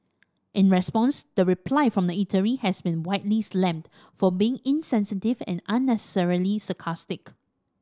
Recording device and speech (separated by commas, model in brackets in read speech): standing microphone (AKG C214), read sentence